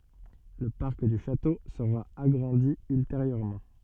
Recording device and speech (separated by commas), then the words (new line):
soft in-ear microphone, read sentence
Le parc du château sera agrandi ultérieurement.